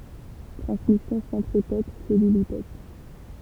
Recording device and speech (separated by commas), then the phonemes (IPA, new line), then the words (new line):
temple vibration pickup, read sentence
tʁɑ̃smisjɔ̃ sɑ̃tʁipɛt sɛlylipɛt
Transmission centripète, cellulipète.